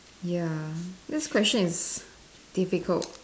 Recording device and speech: standing microphone, conversation in separate rooms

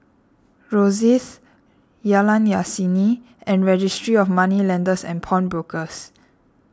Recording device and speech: standing microphone (AKG C214), read sentence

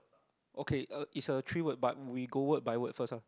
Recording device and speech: close-talking microphone, conversation in the same room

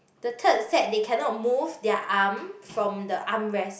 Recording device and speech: boundary microphone, conversation in the same room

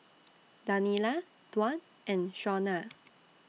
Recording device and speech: mobile phone (iPhone 6), read sentence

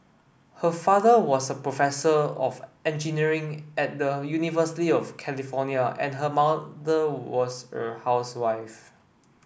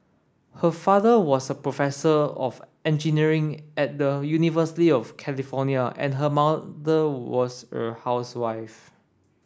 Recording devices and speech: boundary microphone (BM630), standing microphone (AKG C214), read sentence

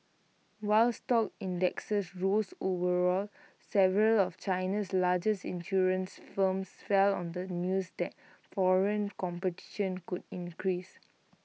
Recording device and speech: mobile phone (iPhone 6), read sentence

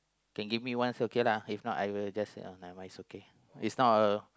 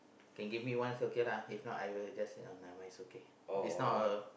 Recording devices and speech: close-talking microphone, boundary microphone, conversation in the same room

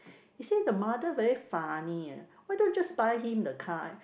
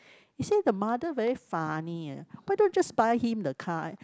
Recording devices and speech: boundary microphone, close-talking microphone, conversation in the same room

